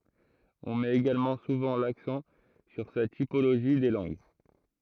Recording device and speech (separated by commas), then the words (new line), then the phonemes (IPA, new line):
throat microphone, read sentence
On met également souvent l'accent sur sa typologie des langues.
ɔ̃ mɛt eɡalmɑ̃ suvɑ̃ laksɑ̃ syʁ sa tipoloʒi de lɑ̃ɡ